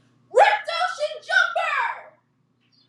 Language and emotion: English, happy